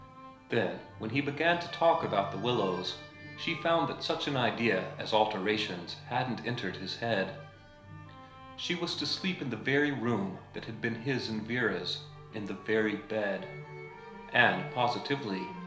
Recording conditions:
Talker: one person; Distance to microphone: 1.0 m; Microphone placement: close; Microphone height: 1.1 m; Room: small (3.7 m by 2.7 m); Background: music

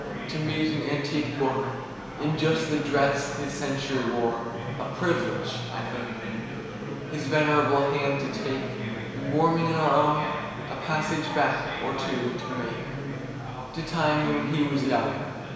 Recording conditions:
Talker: one person; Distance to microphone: 1.7 m; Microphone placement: close; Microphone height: 1.0 m; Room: very reverberant, large; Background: babble

